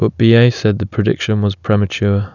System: none